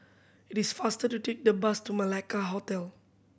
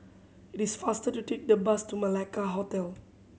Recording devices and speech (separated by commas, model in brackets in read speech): boundary microphone (BM630), mobile phone (Samsung C7100), read sentence